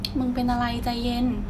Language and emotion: Thai, frustrated